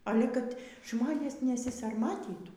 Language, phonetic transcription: Lithuanian, ˈale kad ˈžmonės nesisarˈmatytų

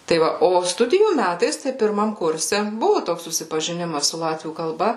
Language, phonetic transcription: Lithuanian, tai ˈva ˈo ˈstudijų ˈmætais tai pirˈmam ˈkurse ˈbuvu ˈtoks susipažiˈnimas su ˈlatvių kalˈba

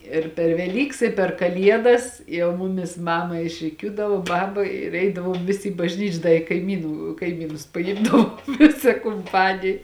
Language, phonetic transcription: Lithuanian, ir per veˈlyks i per kaˈliedas ˈjau ˈmumis ˈmama išriˈkiūdavo ˈbaba ir ˈeidavom ˈvisi i bažˈnyč' ˈda i kaiˈmynų kaiˈmynus paˈimdavom ˈvisa kumˈpanij

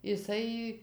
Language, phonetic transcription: Lithuanian, iˈsai

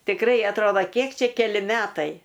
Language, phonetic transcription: Lithuanian, tikˈrai atˈroda ˈkiek ˈčia keˈli ˈmetai

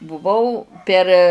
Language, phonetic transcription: Lithuanian, buˈvau per

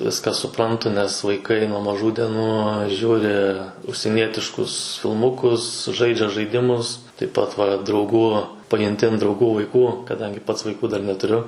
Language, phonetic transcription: Lithuanian, ˈviską suˈprantu nes vaiˈkai nuo maˈžų deˈnų ˈžiūri užsieˈnietiškus filˈmukus ˈžaidžia žaiˈdimus taip ˈpat va drauˈgų pajunˈti an drauˈgų vaiˈkų kaˈdangi ˈpats vaiˈkų dar netuˈriu

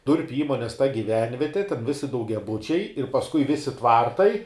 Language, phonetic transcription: Lithuanian, ˈdurpiu ˈįmonės ta giˈvenvieti ten ˈvisi daugiaˈbučiai ir ˈpaskui ˈvisi ˈtvartai

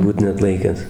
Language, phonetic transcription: Lithuanian, ˈbūt neatˈlaikęs

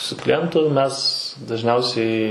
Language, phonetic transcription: Lithuanian, su kliˈjentu ˈmes dažˈniausiai

